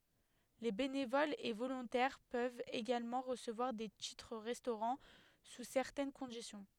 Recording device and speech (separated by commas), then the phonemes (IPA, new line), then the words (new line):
headset microphone, read sentence
le benevolz e volɔ̃tɛʁ pøvt eɡalmɑ̃ ʁəsəvwaʁ de titʁ ʁɛstoʁɑ̃ su sɛʁtɛn kɔ̃disjɔ̃
Les bénévoles et volontaires peuvent également recevoir des titres-restaurant sous certaines conditions.